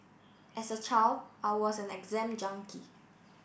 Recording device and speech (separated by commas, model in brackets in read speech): boundary microphone (BM630), read sentence